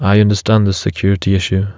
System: none